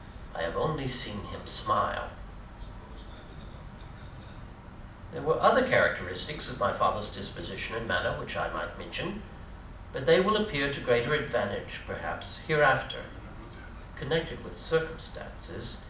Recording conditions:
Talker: one person; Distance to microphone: 2.0 m; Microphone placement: close; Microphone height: 99 cm; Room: medium-sized (5.7 m by 4.0 m); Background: television

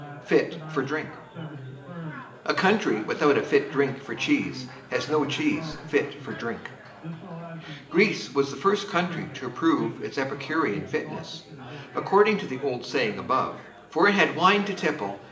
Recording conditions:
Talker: one person; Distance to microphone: 1.8 m; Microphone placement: close; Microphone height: 1.0 m; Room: large; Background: babble

